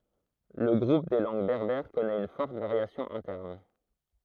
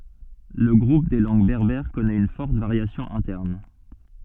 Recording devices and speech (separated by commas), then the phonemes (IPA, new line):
throat microphone, soft in-ear microphone, read sentence
lə ɡʁup de lɑ̃ɡ bɛʁbɛʁ kɔnɛt yn fɔʁt vaʁjasjɔ̃ ɛ̃tɛʁn